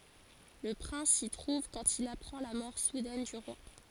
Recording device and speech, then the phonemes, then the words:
forehead accelerometer, read sentence
lə pʁɛ̃s si tʁuv kɑ̃t il apʁɑ̃ la mɔʁ sudɛn dy ʁwa
Le prince s'y trouve quand il apprend la mort soudaine du roi.

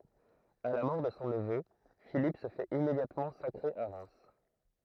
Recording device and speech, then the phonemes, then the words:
throat microphone, read sentence
a la mɔʁ də sɔ̃ nəvø filip sə fɛt immedjatmɑ̃ sakʁe a ʁɛm
À la mort de son neveu, Philippe se fait immédiatement sacrer à Reims.

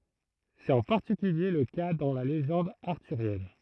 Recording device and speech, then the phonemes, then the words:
throat microphone, read sentence
sɛt ɑ̃ paʁtikylje lə ka dɑ̃ la leʒɑ̃d aʁtyʁjɛn
C’est en particulier le cas dans la légende arthurienne.

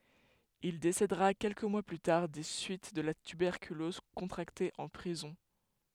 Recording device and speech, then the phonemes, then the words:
headset microphone, read sentence
il desedəʁa kɛlkə mwa ply taʁ de syit də la tybɛʁkylɔz kɔ̃tʁakte ɑ̃ pʁizɔ̃
Il décédera quelques mois plus tard des suites de la tuberculose contractée en prison.

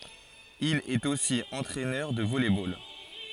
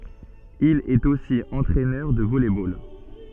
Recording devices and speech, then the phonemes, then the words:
forehead accelerometer, soft in-ear microphone, read sentence
il ɛt osi ɑ̃tʁɛnœʁ də vɔlɛ bol
Il est aussi entraineur de volley-ball.

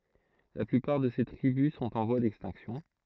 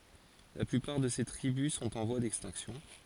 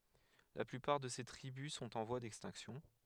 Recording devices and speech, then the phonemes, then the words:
throat microphone, forehead accelerometer, headset microphone, read sentence
la plypaʁ də se tʁibys sɔ̃t ɑ̃ vwa dɛkstɛ̃ksjɔ̃
La plupart de ces tribus sont en voie d'extinction.

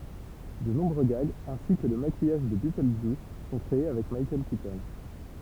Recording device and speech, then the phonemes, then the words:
temple vibration pickup, read sentence
də nɔ̃bʁø ɡaɡz ɛ̃si kə lə makijaʒ də bitøldʒjus sɔ̃ kʁee avɛk mikaɛl kitɔn
De nombreux gags, ainsi que le maquillage de Beetlejuice, sont créés avec Michael Keaton.

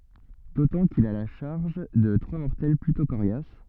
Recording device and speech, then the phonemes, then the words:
soft in-ear microphone, read sentence
dotɑ̃ kil a la ʃaʁʒ də tʁwa mɔʁtɛl plytɔ̃ koʁjas
D'autant qu'il a la charge de trois mortels plutôt coriaces.

